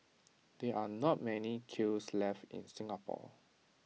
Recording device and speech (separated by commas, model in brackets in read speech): mobile phone (iPhone 6), read sentence